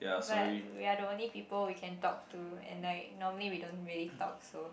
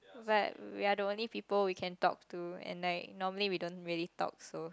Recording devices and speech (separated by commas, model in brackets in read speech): boundary microphone, close-talking microphone, conversation in the same room